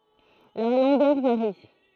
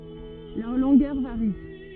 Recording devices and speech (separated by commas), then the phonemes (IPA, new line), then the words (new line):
throat microphone, rigid in-ear microphone, read sentence
lœʁ lɔ̃ɡœʁ vaʁi
Leur longueur varie.